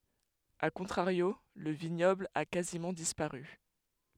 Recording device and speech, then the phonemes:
headset microphone, read sentence
a kɔ̃tʁaʁjo lə viɲɔbl a kazimɑ̃ dispaʁy

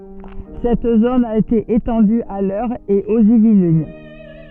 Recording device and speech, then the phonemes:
soft in-ear microphone, read sentence
sɛt zon a ete etɑ̃dy a lœʁ e oz ivlin

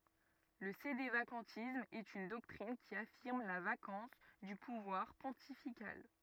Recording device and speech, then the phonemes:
rigid in-ear microphone, read sentence
lə sedevakɑ̃tism ɛt yn dɔktʁin ki afiʁm la vakɑ̃s dy puvwaʁ pɔ̃tifikal

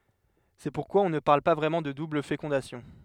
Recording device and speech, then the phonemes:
headset microphone, read sentence
sɛ puʁkwa ɔ̃ nə paʁl pa vʁɛmɑ̃ də dubl fekɔ̃dasjɔ̃

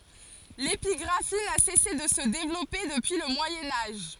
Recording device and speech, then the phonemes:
forehead accelerometer, read sentence
lepiɡʁafi na sɛse də sə devlɔpe dəpyi lə mwajɛ̃ aʒ

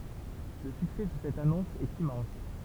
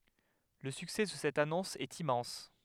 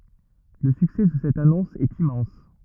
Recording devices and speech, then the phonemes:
temple vibration pickup, headset microphone, rigid in-ear microphone, read sentence
lə syksɛ də sɛt anɔ̃s ɛt immɑ̃s

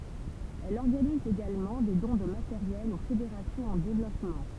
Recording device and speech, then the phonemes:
temple vibration pickup, read sentence
ɛl ɔʁɡaniz eɡalmɑ̃ de dɔ̃ də mateʁjɛl o fedeʁasjɔ̃z ɑ̃ devlɔpmɑ̃

